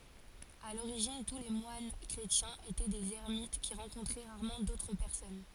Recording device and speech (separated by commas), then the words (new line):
forehead accelerometer, read sentence
À l'origine, tous les moines chrétiens étaient des ermites qui rencontraient rarement d'autres personnes.